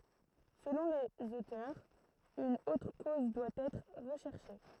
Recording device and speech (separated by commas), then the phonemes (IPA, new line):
throat microphone, read sentence
səlɔ̃ lez otœʁz yn otʁ koz dwa ɛtʁ ʁəʃɛʁʃe